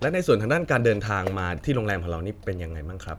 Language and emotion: Thai, neutral